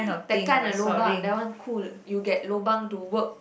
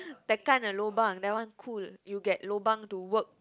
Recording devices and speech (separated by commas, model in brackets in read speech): boundary microphone, close-talking microphone, conversation in the same room